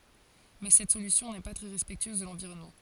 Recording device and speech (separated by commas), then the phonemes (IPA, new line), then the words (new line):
forehead accelerometer, read sentence
mɛ sɛt solysjɔ̃ nɛ pa tʁɛ ʁɛspɛktyøz də lɑ̃viʁɔnmɑ̃
Mais cette solution n'est pas très respectueuse de l'environnement.